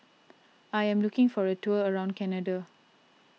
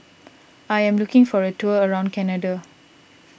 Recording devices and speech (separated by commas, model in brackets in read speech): mobile phone (iPhone 6), boundary microphone (BM630), read sentence